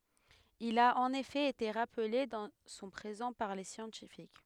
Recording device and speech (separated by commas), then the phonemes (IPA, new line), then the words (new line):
headset microphone, read sentence
il a ɑ̃n efɛ ete ʁaple dɑ̃ sɔ̃ pʁezɑ̃ paʁ le sjɑ̃tifik
Il a en effet été rappelé dans son présent par les scientifiques.